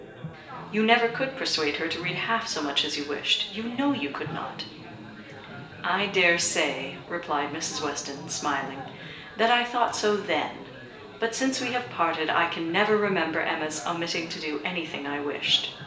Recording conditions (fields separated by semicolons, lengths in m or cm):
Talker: one person; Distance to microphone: 1.8 m; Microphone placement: close; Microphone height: 1.0 m; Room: large; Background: babble